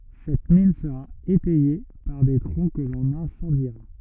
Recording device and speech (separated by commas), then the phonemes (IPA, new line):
rigid in-ear microphone, read sentence
sɛt min səʁa etɛje paʁ de tʁɔ̃ kə lɔ̃n ɛ̃sɑ̃diʁa